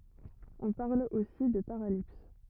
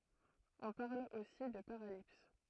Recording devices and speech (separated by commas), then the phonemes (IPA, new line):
rigid in-ear microphone, throat microphone, read sentence
ɔ̃ paʁl osi də paʁalips